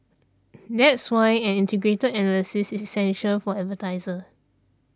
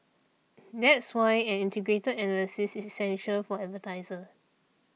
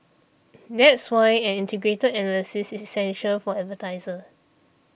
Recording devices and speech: standing microphone (AKG C214), mobile phone (iPhone 6), boundary microphone (BM630), read sentence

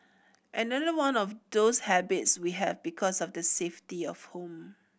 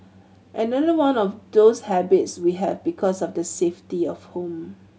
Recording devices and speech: boundary microphone (BM630), mobile phone (Samsung C7100), read sentence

